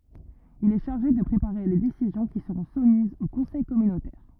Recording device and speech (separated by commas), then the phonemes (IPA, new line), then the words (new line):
rigid in-ear microphone, read sentence
il ɛ ʃaʁʒe də pʁepaʁe le desizjɔ̃ ki səʁɔ̃ sumizz o kɔ̃sɛj kɔmynotɛʁ
Il est chargé de préparer les décisions qui seront soumises au conseil communautaire.